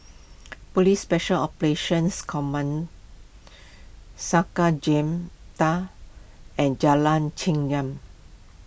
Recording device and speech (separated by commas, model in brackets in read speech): boundary microphone (BM630), read sentence